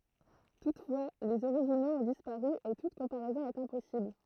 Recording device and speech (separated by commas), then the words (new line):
throat microphone, read sentence
Toutefois, les originaux ont disparu et toute comparaison est impossible.